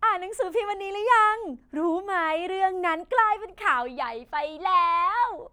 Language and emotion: Thai, happy